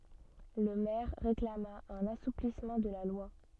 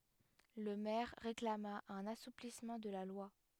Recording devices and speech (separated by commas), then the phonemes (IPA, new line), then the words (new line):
soft in-ear microphone, headset microphone, read sentence
lə mɛʁ ʁeklama œ̃n asuplismɑ̃ də la lwa
Le maire réclama un assouplissement de la loi.